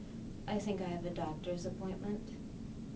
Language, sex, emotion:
English
female
neutral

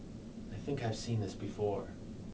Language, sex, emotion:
English
male
neutral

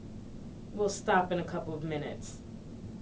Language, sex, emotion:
English
female
neutral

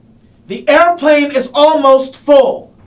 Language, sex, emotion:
English
male
angry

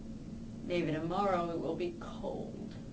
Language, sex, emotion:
English
female
sad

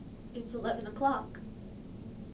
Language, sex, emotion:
English
female
neutral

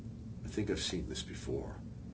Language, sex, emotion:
English
male
neutral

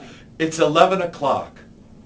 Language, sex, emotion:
English
male
neutral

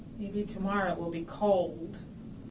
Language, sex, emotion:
English
female
sad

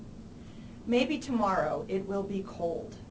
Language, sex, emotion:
English
female
neutral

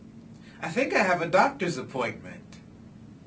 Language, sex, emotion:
English
male
neutral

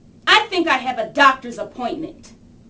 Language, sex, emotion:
English
female
angry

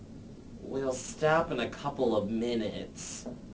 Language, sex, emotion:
English
male
disgusted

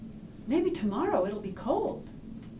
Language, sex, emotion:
English
female
happy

